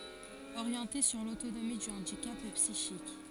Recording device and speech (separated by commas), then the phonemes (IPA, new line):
forehead accelerometer, read sentence
oʁjɑ̃te syʁ lotonomi dy ɑ̃dikap psiʃik